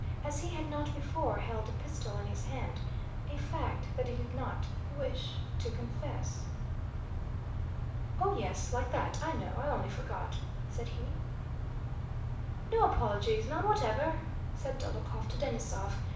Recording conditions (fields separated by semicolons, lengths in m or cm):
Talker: one person; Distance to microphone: 5.8 m; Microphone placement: far; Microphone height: 1.8 m; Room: medium-sized (5.7 m by 4.0 m); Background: none